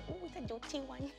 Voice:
silly voice